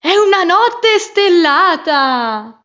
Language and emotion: Italian, happy